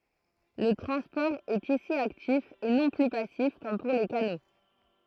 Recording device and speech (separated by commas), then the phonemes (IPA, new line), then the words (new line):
throat microphone, read sentence
lə tʁɑ̃spɔʁ ɛt isi aktif e nɔ̃ ply pasif kɔm puʁ le kano
Le transport est ici actif et non plus passif comme pour les canaux.